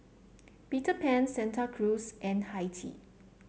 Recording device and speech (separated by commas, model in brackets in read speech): mobile phone (Samsung C7), read sentence